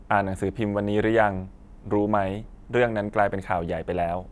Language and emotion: Thai, neutral